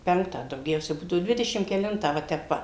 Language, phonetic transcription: Lithuanian, ˈpenktą dauˈgiausia ˈbūdavu ˈdvidešim keˈlintą va ˈtep ˈva

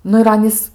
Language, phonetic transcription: Lithuanian, ˈnu ir ˈanys

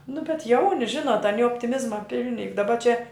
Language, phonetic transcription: Lithuanian, nu bet ˈjauni ˈžinot aˈni optiˈmizma ˈpilni juk daˈba čia

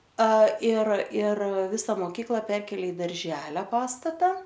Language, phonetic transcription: Lithuanian, a ir ir ˈvisa moˈkykla ˈperkėlė i darˈželio ˈpastata

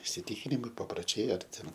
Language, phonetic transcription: Lithuanian, isiˈtikinimai paproˈčiai ar ˈten

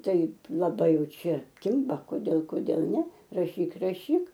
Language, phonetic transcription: Lithuanian, ˈtaip laˈbai ˈjau ˈčia ˈkimba koˈdėl koˈdėl ˈne raˈšyk raˈšyk

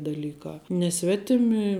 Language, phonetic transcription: Lithuanian, daˈlykā ne ˈsvetimi

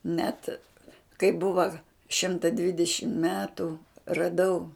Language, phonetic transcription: Lithuanian, net kai ˈbuva ˈšimta ˈdvidešim ˈmetu raˈdau

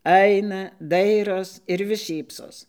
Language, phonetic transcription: Lithuanian, ˈaina ˈdairos ir vis ˈšypsos

